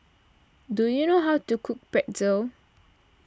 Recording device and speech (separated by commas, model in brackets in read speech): standing microphone (AKG C214), read sentence